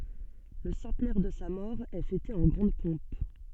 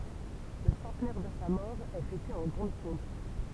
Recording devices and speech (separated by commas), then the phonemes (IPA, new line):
soft in-ear microphone, temple vibration pickup, read sentence
lə sɑ̃tnɛʁ də sa mɔʁ ɛ fɛte ɑ̃ ɡʁɑ̃d pɔ̃p